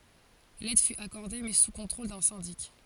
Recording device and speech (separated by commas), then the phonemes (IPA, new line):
forehead accelerometer, read sentence
lɛd fy akɔʁde mɛ su kɔ̃tʁol dœ̃ sɛ̃dik